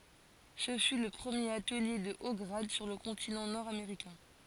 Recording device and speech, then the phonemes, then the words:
forehead accelerometer, read sentence
sə fy lə pʁəmjeʁ atəlje də o ɡʁad syʁ lə kɔ̃tinɑ̃ nɔʁdameʁikɛ̃
Ce fut le premier atelier de hauts grades sur le continent nord-américain.

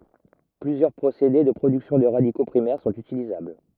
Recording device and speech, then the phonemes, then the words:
rigid in-ear microphone, read sentence
plyzjœʁ pʁosede də pʁodyksjɔ̃ də ʁadiko pʁimɛʁ sɔ̃t ytilizabl
Plusieurs procédés de production de radicaux primaires sont utilisables.

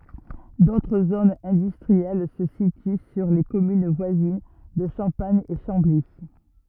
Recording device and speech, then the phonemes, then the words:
rigid in-ear microphone, read sentence
dotʁ zonz ɛ̃dystʁiɛl sə sity syʁ le kɔmyn vwazin də ʃɑ̃paɲ e ʃɑ̃bli
D'autres zones industrielles se situent sur les communes voisines de Champagne et Chambly.

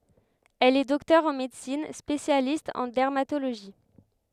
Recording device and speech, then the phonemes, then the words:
headset microphone, read sentence
ɛl ɛ dɔktœʁ ɑ̃ medəsin spesjalist ɑ̃ dɛʁmatoloʒi
Elle est docteur en médecine, spécialiste en dermatologie.

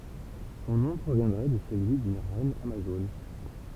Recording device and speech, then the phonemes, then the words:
temple vibration pickup, read sentence
sɔ̃ nɔ̃ pʁovjɛ̃dʁɛ də səlyi dyn ʁɛn amazon
Son nom proviendrait de celui d’une reine amazone.

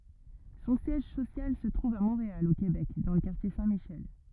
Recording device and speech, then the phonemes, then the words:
rigid in-ear microphone, read sentence
sɔ̃ sjɛʒ sosjal sə tʁuv a mɔ̃ʁeal o kebɛk dɑ̃ lə kaʁtje sɛ̃tmiʃɛl
Son siège social se trouve à Montréal, au Québec, dans le quartier Saint-Michel.

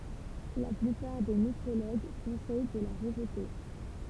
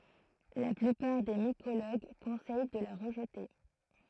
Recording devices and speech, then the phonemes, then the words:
temple vibration pickup, throat microphone, read sentence
la plypaʁ de mikoloɡ kɔ̃sɛj də la ʁəʒte
La plupart des mycologues conseillent de la rejeter.

